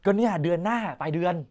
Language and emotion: Thai, frustrated